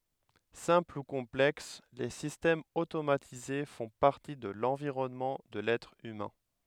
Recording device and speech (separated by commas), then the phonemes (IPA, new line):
headset microphone, read sentence
sɛ̃pl u kɔ̃plɛks le sistɛmz otomatize fɔ̃ paʁti də lɑ̃viʁɔnmɑ̃ də lɛtʁ ymɛ̃